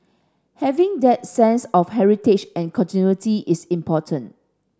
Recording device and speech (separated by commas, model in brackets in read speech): standing microphone (AKG C214), read sentence